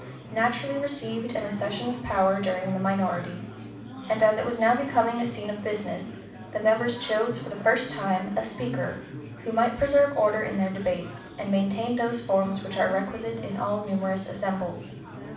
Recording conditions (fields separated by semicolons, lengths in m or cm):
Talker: one person; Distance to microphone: 5.8 m; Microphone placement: far; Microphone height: 1.8 m; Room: medium-sized (5.7 m by 4.0 m); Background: babble